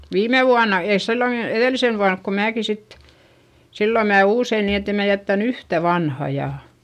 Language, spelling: Finnish, viime vuonna ei silloinkin edellisenä vuonna kun minäkin sitten silloin minä uusin niin että en minä jättänyt yhtään vanhaa ja
- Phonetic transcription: viime vuana , eis silloŋki , eδèlisen vuank ko määki sit , sillo mää uusein ni ettem mä jättän ‿yhtä vanha ja ,.

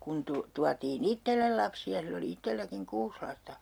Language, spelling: Finnish, kun - tuotiin itselle lapsia sillä oli itselläkin kuusi lasta
- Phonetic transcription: 'kun tu- , tuatii"n ‿ittellel lapsi₍a 'sill ‿oli 'ittelläkiŋ 'kuus lasta .

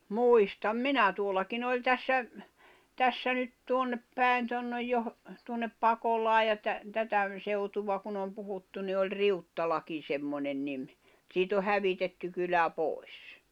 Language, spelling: Finnish, muistan minä tuollakin oli tässä tässä nyt tuonne päin tuonne - tuonne Pakolaan ja - tätä seutua kun on puhuttu niin oli Riuttalakin semmoinen niin mutta siitä on hävitetty kylä pois
- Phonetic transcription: 'muistam "minä 'tuol̆lakin ‿oĺ 'tässä , 'tässä nyt 'tuonnep pä̀i̬n (tonnej joh-) , tuonnep 'Pakolaaj ja tä- , tätä , 'seutuva kun ‿om 'puhuttu ni oĺ "Riuttalakin̬ 'semmońen nim , [mu]t ‿siit ‿o 'hävitetty kylä 'pòi̬s .

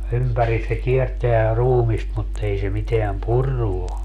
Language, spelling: Finnish, ympäri se kiertää ruumista mutta ei se mitään purrut ole
- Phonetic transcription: "ympäris se 'kierteä 'ruumist mut 'ei se miteäm "purru o .

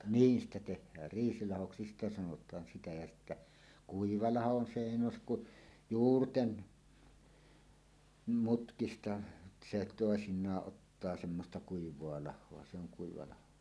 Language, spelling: Finnish, niin sitä tehdään riisilahoksi sitä sanotaan sitä ja sitten kuiva laho on se ei nouse kuin juurten mutkista se toisinaan ottaa semmoista kuivaa lahoa se on kuiva laho
- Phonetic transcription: 'niin ‿stä teh̆häär "riisilahoksi 'sitä 'sanot̀aan 'sitä jä 'sittä , "kuiva 'laho on 'se "èi 'nòusek kuˀ , "juurten , 'mutkista se 'toesiǹaaˀ 'ˀottaa semmosta "kuiv̀oa 'lah̆hoa se ‿oŋ 'kuiva laho .

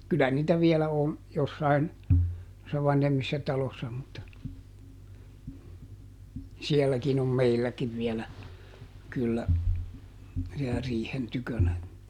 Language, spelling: Finnish, kyllä niitä vielä on jossakin noissa vanhemmissa taloissa mutta sielläkin on meilläkin vielä kyllä siellä riihen tykönä
- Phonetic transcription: ˈkylä niitä ˈviɛlä on , ˈjossain , [nois]sa ˈvanhemmissa ˈtalossa mutta , ˈsiɛlläkin ‿om "meilläkiv ˈvielä , kyllä , siɛlä ˈriihen tykönä .

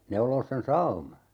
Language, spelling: Finnish, neuloa sen sauman
- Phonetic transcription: 'neuloos sen "sauma .

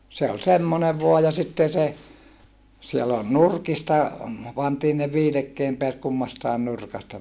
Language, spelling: Finnish, se oli semmoinen vain ja sitten se siellä oli nurkista pantiin ne viilekkeen päät kummastakin nurkasta
- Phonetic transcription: se ol semmone vua ja sitten se , siel ‿ol nurkista , pantii ne viilekkeem peät kummastaen nurkasta .

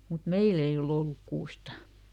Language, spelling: Finnish, mutta meillä ei ole ollut kuusta
- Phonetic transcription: mut "meil ‿ei oˈl ‿olluk ˈkuusta !

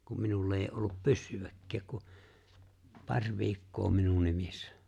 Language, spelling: Finnish, kun minulla ei ole ollut pyssyäkään kuin pari viikkoa minun nimissä
- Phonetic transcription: kum 'minull ‿eij ‿oo ’ollup "pyssyᵛäkk(ääk) ku , "paŕ 'viikkoo 'minun 'nimissᴀ̈ .

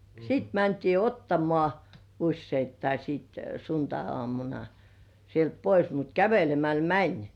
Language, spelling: Finnish, sitten mentiin ottamaan useittain sitten sunnuntaiaamuna sieltä pois mutta kävelemällä meni
- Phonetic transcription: 'siit mäntii "ottamŏà , usseittai siit 'suntai₍ŏ§àmuna , sielt "pois mut 'kävelemäl "mäń .

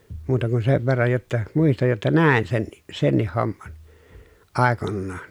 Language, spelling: Finnish, muuta kuin sen verran jotta muistan jotta näen senkin senkin homman aikoinaan
- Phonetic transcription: muuta kun sev verraj jotta , muistaj jotta nä̀en senni , sennih homman , àekonnaan .

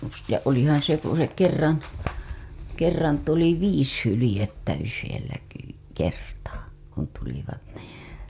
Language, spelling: Finnish, ja olihan se kun se kerran kerran tuli viisi hyljettä yhdellä - kertaa kun tulivat niin
- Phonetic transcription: ja olihaa̰ se ku se 'kerran̬ , 'kerran tuli "viis 'hylĭjettä yhellä ke- , kertaa , kun tulivat nii .

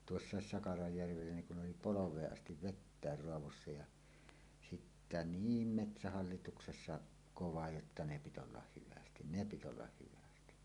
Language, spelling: Finnish, tuossa Sakarajärvellä niin kun oli polveen asti vettä raadossa ja sitten niin metsähallituksessa kova jotta ne piti olla hyvin ne piti olla hyvin
- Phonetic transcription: tuossàes 'Sakarajjärvellä niŋ kun 'oli "polov̀eeˀ 'ˀastiv "vettä̀er 'roavossa ja , sittä "niim 'metsähallituksessa 'kova jotta 'ne pit ‿ollah 'hyvästin "ne 'pit ‿ollah hyvästi .

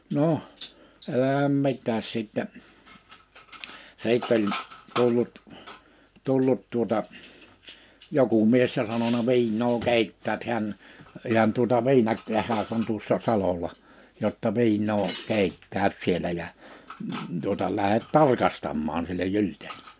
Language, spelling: Finnish, no älä mitään sitten sitten oli tullut tullut tuota joku mies ja sanonut viinaa keittävät heidän ihan tuota - tehdas on tuossa salolla jotta viinaa keittävät siellä ja tuota lähde tarkastamaan sille Gylldenille
- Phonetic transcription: 'noh , 'elähäm 'mit̆tääs 'sìttɛ , 'sìtt ‿oĺ , 'tullut , 'tullut tuota , 'joku 'mies ja sanona » 'vi̬inno 'keittäät 'heän , ihan tuota 'viina- , -tehas on tuossa 'salola jotta 'vi̬innoo , 'keittäät 'sielä jä , tuota 'lähet "tarkastammaan « sillej 'Jylt̀een[ille] .

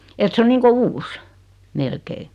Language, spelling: Finnish, että se on niin kuin uusi melkein
- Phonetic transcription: et 'se o niiŋko "uus , 'melkei .

